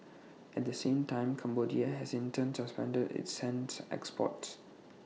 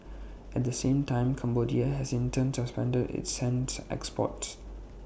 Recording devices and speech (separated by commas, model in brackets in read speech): mobile phone (iPhone 6), boundary microphone (BM630), read sentence